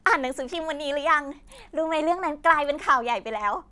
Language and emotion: Thai, happy